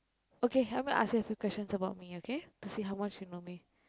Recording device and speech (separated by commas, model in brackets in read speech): close-talking microphone, conversation in the same room